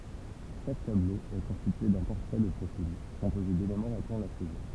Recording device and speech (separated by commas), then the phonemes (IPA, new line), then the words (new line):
temple vibration pickup, read sentence
ʃak tablo ɛ kɔ̃stitye dœ̃ pɔʁtʁɛ də pʁofil kɔ̃poze delemɑ̃ ʁaplɑ̃ la sɛzɔ̃
Chaque tableau est constitué d’un portrait de profil, composé d’éléments rappelant la saison.